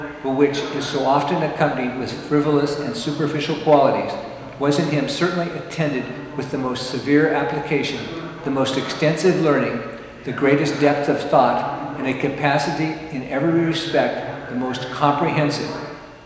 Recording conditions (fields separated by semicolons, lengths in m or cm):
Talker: one person; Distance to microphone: 1.7 m; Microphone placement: close; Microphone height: 1.0 m; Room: very reverberant, large; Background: television